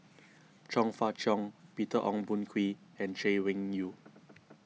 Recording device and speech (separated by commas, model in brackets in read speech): mobile phone (iPhone 6), read sentence